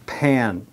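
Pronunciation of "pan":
'pan' is said the American English way, with a very nasal a sound before the n.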